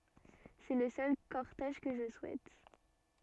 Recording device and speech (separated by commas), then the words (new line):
soft in-ear microphone, read sentence
C'est le seul cortège que je souhaite.